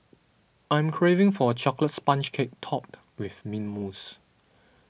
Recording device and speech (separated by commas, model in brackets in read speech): boundary microphone (BM630), read sentence